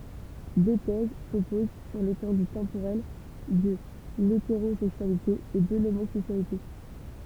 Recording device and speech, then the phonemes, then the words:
temple vibration pickup, read sentence
dø tɛz sɔpoz syʁ letɑ̃dy tɑ̃poʁɛl də leteʁozɛksyalite e də lomozɛksyalite
Deux thèses s’opposent sur l’étendue temporelle de l’hétérosexualité et de l’homosexualité.

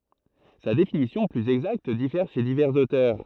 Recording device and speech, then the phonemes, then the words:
throat microphone, read sentence
sa defininisjɔ̃ plyz ɛɡzakt difɛʁ ʃe divɛʁz otœʁ
Sa défininition plus exacte diffère chez divers auteurs.

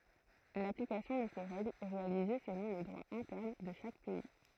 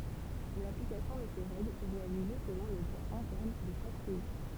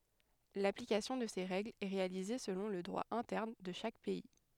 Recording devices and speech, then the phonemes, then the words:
throat microphone, temple vibration pickup, headset microphone, read sentence
laplikasjɔ̃ də se ʁɛɡlz ɛ ʁealize səlɔ̃ lə dʁwa ɛ̃tɛʁn də ʃak pɛi
L’application de ces règles est réalisée selon le droit interne de chaque pays.

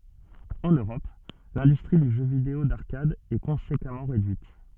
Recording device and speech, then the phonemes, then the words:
soft in-ear microphone, read sentence
ɑ̃n øʁɔp lɛ̃dystʁi dy ʒø video daʁkad ɛ kɔ̃sekamɑ̃ ʁedyit
En Europe, l'industrie du jeu vidéo d'arcade est conséquemment réduite.

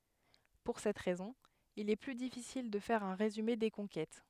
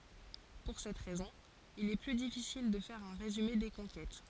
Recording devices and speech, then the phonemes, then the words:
headset microphone, forehead accelerometer, read sentence
puʁ sɛt ʁɛzɔ̃ il ɛ ply difisil də fɛʁ œ̃ ʁezyme de kɔ̃kɛt
Pour cette raison il est plus difficile de faire un résumé des conquêtes.

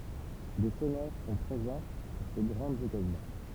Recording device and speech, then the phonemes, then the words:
temple vibration pickup, read sentence
de sɔnœʁ sɔ̃ pʁezɑ̃ puʁ se ɡʁɑ̃dz ɔkazjɔ̃
Des sonneurs sont présents pour ces grandes occasions.

